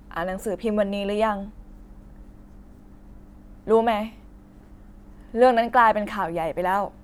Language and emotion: Thai, sad